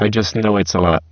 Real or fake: fake